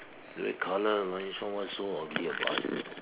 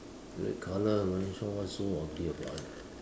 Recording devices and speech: telephone, standing microphone, conversation in separate rooms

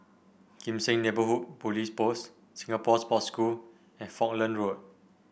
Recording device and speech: boundary microphone (BM630), read sentence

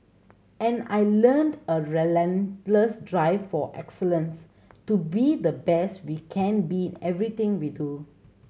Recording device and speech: mobile phone (Samsung C7100), read sentence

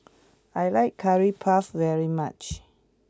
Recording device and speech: close-talking microphone (WH20), read sentence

